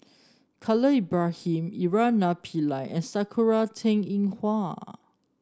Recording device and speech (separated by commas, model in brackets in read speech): standing microphone (AKG C214), read sentence